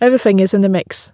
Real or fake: real